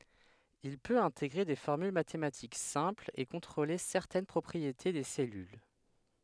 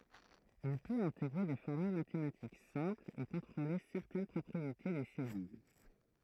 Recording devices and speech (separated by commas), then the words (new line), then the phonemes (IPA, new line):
headset microphone, throat microphone, read sentence
Il peut intégrer des formules mathématiques simples et contrôler certaines propriétés des cellules.
il pøt ɛ̃teɡʁe de fɔʁmyl matematik sɛ̃plz e kɔ̃tʁole sɛʁtɛn pʁɔpʁiete de sɛlyl